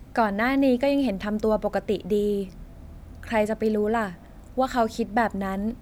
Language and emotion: Thai, neutral